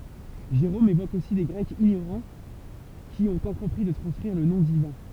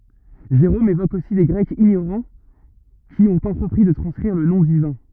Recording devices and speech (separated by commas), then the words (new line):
temple vibration pickup, rigid in-ear microphone, read sentence
Jérôme évoque aussi des Grecs ignorants qui ont entrepris de transcrire le nom divin.